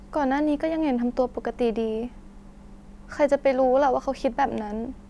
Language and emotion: Thai, frustrated